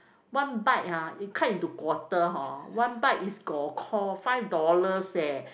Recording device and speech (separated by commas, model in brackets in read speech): boundary microphone, conversation in the same room